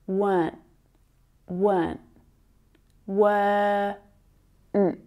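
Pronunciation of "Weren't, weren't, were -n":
In 'weren't', the er sound in the middle is not pronounced.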